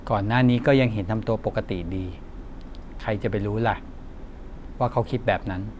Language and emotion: Thai, frustrated